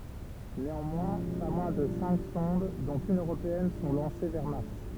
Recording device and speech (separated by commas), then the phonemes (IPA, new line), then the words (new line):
temple vibration pickup, read sentence
neɑ̃mwɛ̃ pa mwɛ̃ də sɛ̃k sɔ̃d dɔ̃t yn øʁopeɛn sɔ̃ lɑ̃se vɛʁ maʁs
Néanmoins, pas moins de cinq sondes, dont une européenne, sont lancées vers Mars.